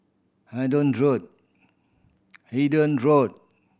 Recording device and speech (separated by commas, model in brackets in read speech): boundary microphone (BM630), read sentence